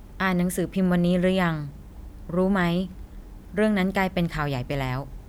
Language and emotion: Thai, neutral